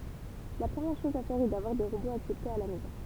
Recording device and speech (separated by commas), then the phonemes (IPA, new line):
temple vibration pickup, read sentence
la pʁəmjɛʁ ʃɔz a fɛʁ ɛ davwaʁ de ʁoboz aksɛptez a la mɛzɔ̃